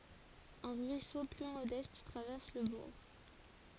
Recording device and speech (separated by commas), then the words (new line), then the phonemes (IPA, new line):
forehead accelerometer, read sentence
Un ruisseau plus modeste traverse le bourg.
œ̃ ʁyiso ply modɛst tʁavɛʁs lə buʁ